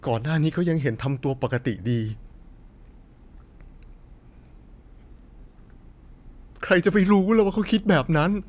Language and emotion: Thai, sad